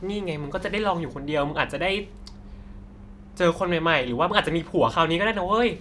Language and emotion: Thai, neutral